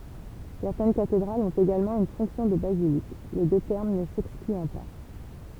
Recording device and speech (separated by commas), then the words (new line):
temple vibration pickup, read sentence
Certaines cathédrales ont également une fonction de basilique, les deux termes ne s'excluant pas.